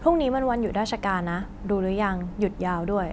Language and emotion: Thai, neutral